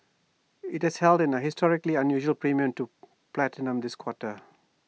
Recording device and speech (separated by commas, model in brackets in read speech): mobile phone (iPhone 6), read sentence